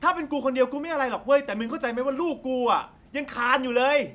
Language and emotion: Thai, angry